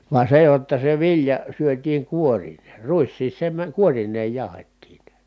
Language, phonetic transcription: Finnish, va se jotta se vilja , syöt̀iiŋ kuorinee , ruissiis se mä- kuoriǹeej jàu̬hettiin̬ .
- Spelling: vaan se jotta se vilja syötiin kuorineen ruiskin se - kuorineen jauhettiin

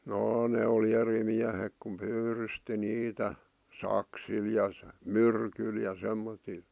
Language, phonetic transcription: Finnish, 'jaa ne oli 'eri miähek kum 'pyyrysti 'niitä , "saksil ja , "myrkyl ja 'semmotil .
- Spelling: jaa ne oli eri miehet kun pyydysti niitä saksilla ja myrkyllä ja semmoisilla

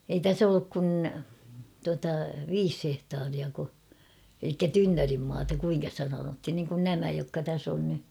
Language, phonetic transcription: Finnish, ei "täs olluk kun , tuata "viis 'hehtaariako , elikkä "tynnörimmaata 'kuiŋka sⁱtä sanoihin niŋkun 'nämä jokka 'täs on ny .
- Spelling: ei tässä ollut kuin tuota viisi hehtaariako eli tynnyrimaata kuinka sitä sanottiin niin kuin nämä jotka tässä on nyt

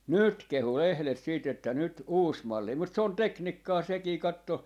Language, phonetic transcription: Finnish, "nyt 'kehu 'lehlet siit ‿että 'nyt "uus 'malli mut s ‿on "teknikkaa 'sekii 'katto , .
- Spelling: nyt kehui lehdet sitten että nyt uusi malli mutta se on tekniikkaa sekin katso

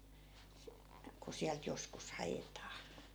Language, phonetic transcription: Finnish, ku 'siält joskus "hajetaa .
- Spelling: kun sieltä joskus haetaan

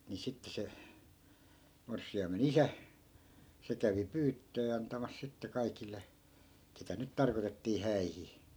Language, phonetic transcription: Finnish, ni 'sitte se , 'morssi₍aime"n ‿isä , 'se kävi "pyyttöö antamas 'sitte 'kaikil̆le , 'ketä nyt 'tarkotettii "häihi .
- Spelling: niin sitten se morsiamen isä se kävi pyyttöä antamassa sitten kaikille ketä nyt tarkoitettiin häihin

